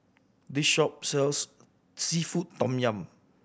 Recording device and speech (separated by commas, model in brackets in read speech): boundary microphone (BM630), read sentence